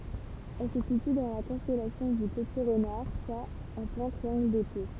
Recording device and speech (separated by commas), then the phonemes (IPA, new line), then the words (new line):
temple vibration pickup, read sentence
ɛl sə sity dɑ̃ la kɔ̃stɛlasjɔ̃ dy pəti ʁənaʁ swa ɑ̃ plɛ̃ tʁiɑ̃ɡl dete
Elle se situe dans la constellation du Petit Renard, soit en plein Triangle d'été.